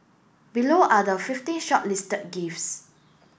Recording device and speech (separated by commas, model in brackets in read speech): boundary microphone (BM630), read sentence